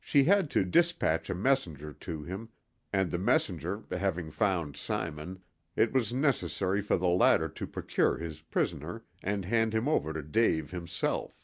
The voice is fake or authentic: authentic